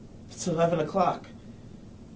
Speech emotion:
fearful